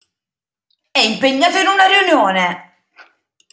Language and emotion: Italian, angry